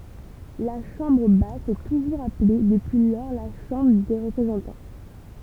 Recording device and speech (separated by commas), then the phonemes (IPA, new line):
temple vibration pickup, read sentence
la ʃɑ̃bʁ bas sɛ tuʒuʁz aple dəpyi lɔʁ la ʃɑ̃bʁ de ʁəpʁezɑ̃tɑ̃